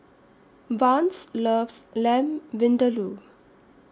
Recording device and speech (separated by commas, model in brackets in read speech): standing microphone (AKG C214), read sentence